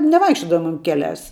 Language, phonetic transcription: Lithuanian, neˈvaikščiodavumėm ˈkeˌliās

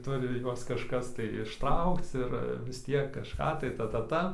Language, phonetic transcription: Lithuanian, ˈturi ˈjuos kažˈkas tai išˈtraukc ˈir vis ˈtiek kažˈką tai ˈta ˈta ˈta

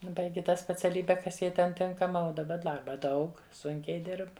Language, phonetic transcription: Lithuanian, ˈbaigi ˈtą speciaˈlybe ˈkas ˈjai ˈten ˈtinkama uo daˈba ˈdarba ˈdaug ˈsunkiai ˈdirb

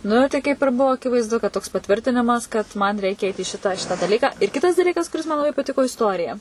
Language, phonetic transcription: Lithuanian, ˈnu tai kaip ir ˈbuvo akivaizˈdu kad toks paˈtvirtinimas kad man ˈreikia eit į ˈšitą ˈšitą daˈlyką ir ˈkitas daˈlykas kuˈris man laˈbai paˈtiko isˈtorija

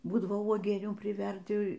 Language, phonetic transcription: Lithuanian, ˈbūdavo uoˈgienių priˈverdi

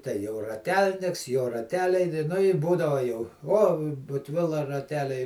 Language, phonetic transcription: Lithuanian, tei jau raˈtelniks jo raˈteliai ni nu i ˈbūdava jau ˈo butˈvila raˈteliai

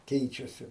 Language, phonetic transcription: Lithuanian, ˈkeičiasi

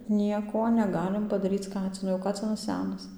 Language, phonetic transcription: Lithuanian, ˈnieko neˈgalim padaˈryc ˈkacinu o ˈkacinas ˈsenas

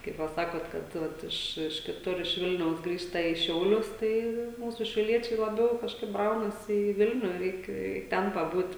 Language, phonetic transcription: Lithuanian, kaip ˈva ˈsakot kad ˈvat iš iš kiˈtur iš ˈvilniaus ˈgrįžta į ˈšiaulius ˈtai ˈmūsu šiauˈliečiai laˈbiau kažˈkaip ˈbraunasi į ˈvilniu ˈreik i ˈten paˈbūt'

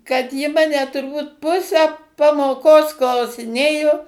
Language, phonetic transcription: Lithuanian, kad ji ˈmane turˈbūt ˈpusę pamoˈkos klausiˈnėjo

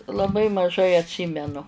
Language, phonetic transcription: Lithuanian, laˈbai maˈžai atˈsymenu

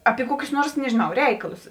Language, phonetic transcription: Lithuanian, api ˈkuokius ˈnuors nežiˈnau ˈreikalus

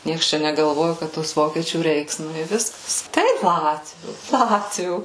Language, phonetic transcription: Lithuanian, ˈnieks ˈčia negalˈvoju ˈkad tos ˈvokiečių ˈreiks nu i ˈviskas ˈtaip ˈlatvių ˈlatvių

